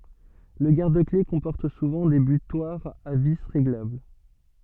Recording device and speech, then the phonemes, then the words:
soft in-ear microphone, read sentence
lə ɡaʁdəkle kɔ̃pɔʁt suvɑ̃ de bytwaʁz a vi ʁeɡlabl
Le garde-clés comporte souvent des butoirs à vis réglables.

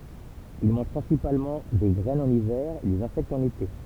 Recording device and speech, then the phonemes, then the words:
temple vibration pickup, read sentence
il mɑ̃ʒ pʁɛ̃sipalmɑ̃ de ɡʁɛnz ɑ̃n ivɛʁ e dez ɛ̃sɛktz ɑ̃n ete
Ils mangent principalement des graines en hiver et des insectes en été.

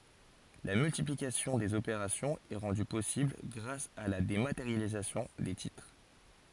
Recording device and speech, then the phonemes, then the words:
forehead accelerometer, read sentence
la myltiplikasjɔ̃ dez opeʁasjɔ̃z ɛ ʁɑ̃dy pɔsibl ɡʁas a la demateʁjalizasjɔ̃ de titʁ
La multiplication des opérations est rendue possible grâce à la dématérialisation des titres.

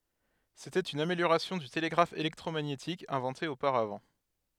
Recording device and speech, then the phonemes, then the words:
headset microphone, read sentence
setɛt yn ameljoʁasjɔ̃ dy teleɡʁaf elɛktʁomaɲetik ɛ̃vɑ̃te opaʁavɑ̃
C’était une amélioration du télégraphe électromagnétique inventé auparavant.

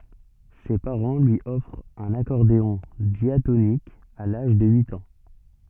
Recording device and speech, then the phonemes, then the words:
soft in-ear microphone, read sentence
se paʁɑ̃ lyi ɔfʁt œ̃n akɔʁdeɔ̃ djatonik a laʒ də yit ɑ̃
Ses parents lui offrent un accordéon diatonique à l'âge de huit ans.

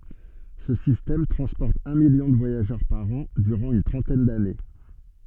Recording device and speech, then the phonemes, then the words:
soft in-ear microphone, read sentence
sə sistɛm tʁɑ̃spɔʁt œ̃ miljɔ̃ də vwajaʒœʁ paʁ ɑ̃ dyʁɑ̃ yn tʁɑ̃tɛn dane
Ce système transporte un million de voyageurs par an durant une trentaine d'années.

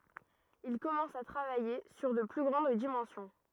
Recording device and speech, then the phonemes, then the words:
rigid in-ear microphone, read sentence
il kɔmɑ̃s a tʁavaje syʁ də ply ɡʁɑ̃d dimɑ̃sjɔ̃
Il commence à travailler sur de plus grandes dimensions.

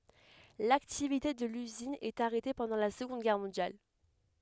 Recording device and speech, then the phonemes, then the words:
headset microphone, read sentence
laktivite də lyzin ɛt aʁɛte pɑ̃dɑ̃ la səɡɔ̃d ɡɛʁ mɔ̃djal
L'activité de l'usine est arrêtée pendant la Seconde Guerre mondiale.

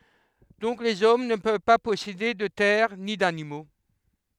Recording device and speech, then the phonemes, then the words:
headset microphone, read sentence
dɔ̃k lez ɔm nə pøv pa pɔsede də tɛʁ ni danimo
Donc les hommes ne peuvent pas posséder de terres ni d'animaux.

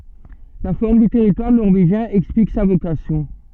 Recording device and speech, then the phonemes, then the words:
soft in-ear microphone, read sentence
la fɔʁm dy tɛʁitwaʁ nɔʁveʒjɛ̃ ɛksplik sa vokasjɔ̃
La forme du territoire norvégien explique sa vocation.

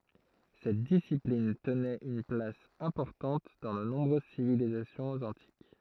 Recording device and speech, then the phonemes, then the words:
throat microphone, read sentence
sɛt disiplin tənɛt yn plas ɛ̃pɔʁtɑ̃t dɑ̃ də nɔ̃bʁøz sivilizasjɔ̃z ɑ̃tik
Cette discipline tenait une place importante dans de nombreuses civilisations antiques.

